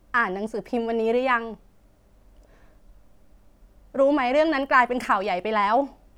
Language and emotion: Thai, frustrated